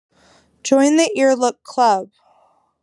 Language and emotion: English, sad